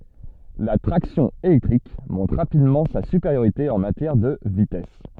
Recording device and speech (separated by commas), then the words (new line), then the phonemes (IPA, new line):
soft in-ear microphone, read sentence
La traction électrique montre rapidement sa supériorité en matière de vitesse.
la tʁaksjɔ̃ elɛktʁik mɔ̃tʁ ʁapidmɑ̃ sa sypeʁjoʁite ɑ̃ matjɛʁ də vitɛs